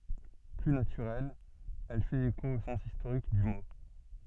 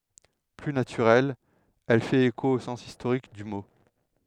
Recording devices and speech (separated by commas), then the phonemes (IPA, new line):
soft in-ear microphone, headset microphone, read sentence
ply natyʁɛl ɛl fɛt eko o sɑ̃s istoʁik dy mo